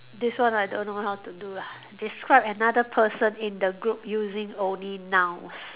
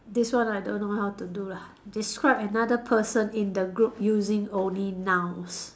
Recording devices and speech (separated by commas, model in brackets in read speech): telephone, standing microphone, conversation in separate rooms